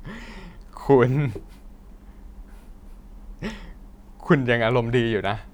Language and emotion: Thai, happy